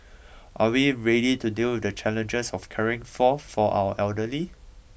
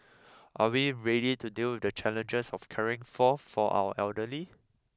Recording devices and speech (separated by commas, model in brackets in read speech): boundary microphone (BM630), close-talking microphone (WH20), read sentence